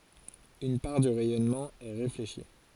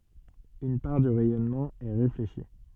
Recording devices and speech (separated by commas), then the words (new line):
forehead accelerometer, soft in-ear microphone, read sentence
Une part du rayonnement est réfléchi.